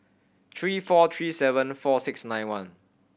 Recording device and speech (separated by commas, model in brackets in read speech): boundary microphone (BM630), read sentence